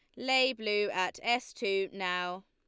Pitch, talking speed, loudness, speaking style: 205 Hz, 160 wpm, -31 LUFS, Lombard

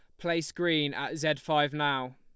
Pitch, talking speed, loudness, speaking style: 150 Hz, 185 wpm, -29 LUFS, Lombard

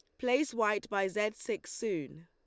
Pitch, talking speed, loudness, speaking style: 210 Hz, 175 wpm, -33 LUFS, Lombard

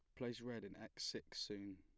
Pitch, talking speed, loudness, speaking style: 115 Hz, 230 wpm, -49 LUFS, plain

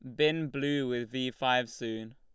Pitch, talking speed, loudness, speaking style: 130 Hz, 185 wpm, -31 LUFS, Lombard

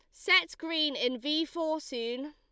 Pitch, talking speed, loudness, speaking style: 305 Hz, 170 wpm, -30 LUFS, Lombard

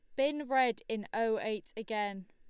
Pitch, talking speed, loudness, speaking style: 225 Hz, 170 wpm, -34 LUFS, Lombard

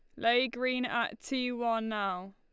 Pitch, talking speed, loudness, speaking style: 235 Hz, 170 wpm, -32 LUFS, Lombard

